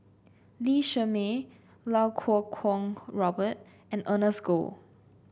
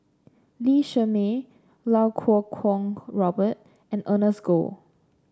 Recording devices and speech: boundary microphone (BM630), standing microphone (AKG C214), read sentence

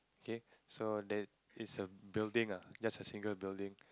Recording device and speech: close-talking microphone, conversation in the same room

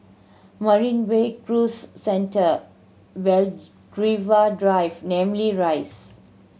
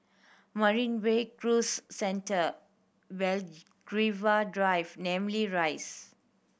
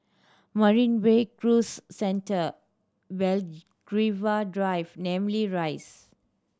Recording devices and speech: mobile phone (Samsung C7100), boundary microphone (BM630), standing microphone (AKG C214), read sentence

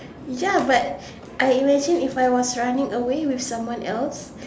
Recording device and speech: standing microphone, conversation in separate rooms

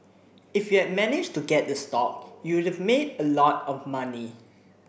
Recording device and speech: boundary microphone (BM630), read sentence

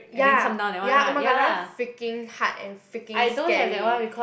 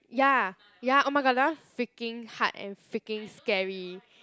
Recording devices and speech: boundary microphone, close-talking microphone, conversation in the same room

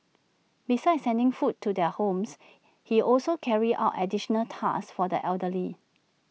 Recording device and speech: mobile phone (iPhone 6), read sentence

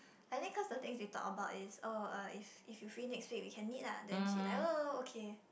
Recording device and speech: boundary microphone, conversation in the same room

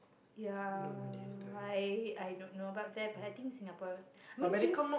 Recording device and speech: boundary microphone, conversation in the same room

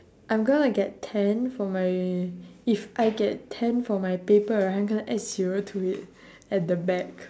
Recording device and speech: standing microphone, conversation in separate rooms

